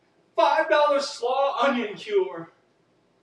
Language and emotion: English, happy